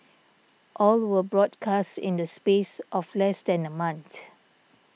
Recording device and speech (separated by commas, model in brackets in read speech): mobile phone (iPhone 6), read sentence